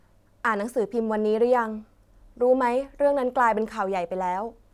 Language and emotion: Thai, neutral